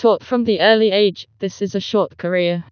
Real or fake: fake